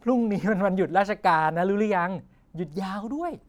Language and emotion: Thai, happy